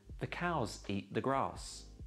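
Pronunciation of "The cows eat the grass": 'The cows eat the grass' is said a little slowly and deliberately, not at normal speaking speed.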